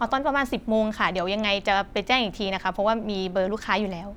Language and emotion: Thai, neutral